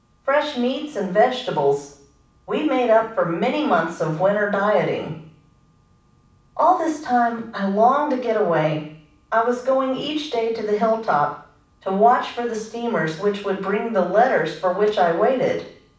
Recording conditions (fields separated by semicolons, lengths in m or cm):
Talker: one person; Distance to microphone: 5.8 m; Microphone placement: far; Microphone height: 1.8 m; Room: medium-sized (5.7 m by 4.0 m); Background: none